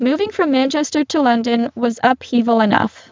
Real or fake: fake